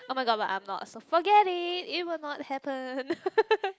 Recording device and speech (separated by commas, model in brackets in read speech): close-talking microphone, conversation in the same room